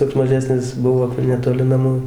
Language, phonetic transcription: Lithuanian, toks maˈžesnis ˈbuvo netoˈli naˈmų

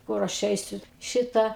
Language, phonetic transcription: Lithuanian, ˈkur aš ˈeisiu ˈšitą

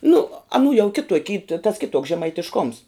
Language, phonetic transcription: Lithuanian, nu aˈnų jau ˈkitok' y ta tas ˈkituoks žemaitišˈkoms

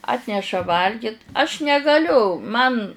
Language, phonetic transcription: Lithuanian, ˈatneša ˈvalgit aš negaˈliu ˈman

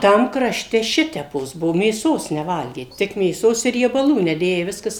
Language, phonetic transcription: Lithuanian, ˈtam kraˈšte ˈšitepos ˈbuo mėˈsos neˈvalgė tik mėˈsos i riebaˈlų neˈdėjai ˈviskas

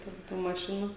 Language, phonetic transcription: Lithuanian, ten ˈtų maˈšinų

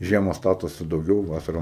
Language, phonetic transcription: Lithuanian, ˈžiema ˈstatosi dauˈgiau ˈvasara

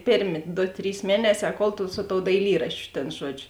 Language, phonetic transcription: Lithuanian, ˈpėrˌmė ˈdo ˈtrys ˈmieneˌsē ˈkol tu su tou daiˈlyraščiu tėn ˈžuodžiu

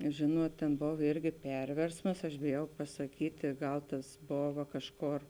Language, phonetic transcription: Lithuanian, ˈžėnuot tėn ˈbov ˈirgi ˈperversmas aš bėˈjau pasaˈkytė ˈgal tas ˈbova ˈkažˌkor

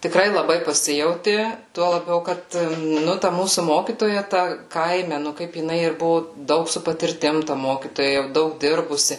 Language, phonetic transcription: Lithuanian, tiˈkrai laˈbai paˈsijauti ˈtuo laˈbiau ˈkad ˈnu ta ˈmūsu ˈmokytoja ta ˈkaime nu ˈkaip jiˈnai ir ˈbuvo ˈdaug su patirˈtim ta ˈmokytoja jau ˈdaug ˈdirbusi

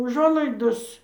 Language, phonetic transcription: Lithuanian, uˈžuolaidos

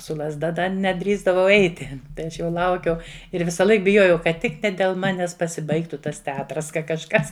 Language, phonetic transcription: Lithuanian, su lazˈda ˈda neˈdrįsdavau ˈeiti tai ˈaš jau ˈlaukiau ir visaˈlaik biˈjojau kad ˈtik ne del ˈmanes pasiˈbaigtu ˈtas teˈatras ˈka kažˈkas

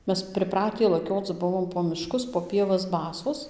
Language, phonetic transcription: Lithuanian, ˈmes priˈpratį laˈkioc ˈbuvom po miˈškus po pieˈvas ˈbasos

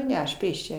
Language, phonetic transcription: Lithuanian, ˈne aš ˈpėščia

